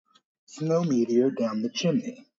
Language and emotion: English, fearful